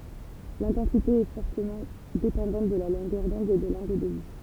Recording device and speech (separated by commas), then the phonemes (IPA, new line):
temple vibration pickup, read sentence
lɛ̃tɑ̃site ɛ fɔʁtəmɑ̃ depɑ̃dɑ̃t də la lɔ̃ɡœʁ dɔ̃d e də lɑ̃ɡl də vy